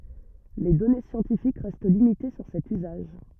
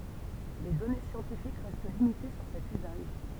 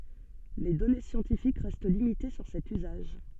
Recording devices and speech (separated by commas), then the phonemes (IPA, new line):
rigid in-ear microphone, temple vibration pickup, soft in-ear microphone, read sentence
le dɔne sjɑ̃tifik ʁɛst limite syʁ sɛt yzaʒ